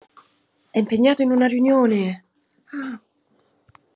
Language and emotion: Italian, surprised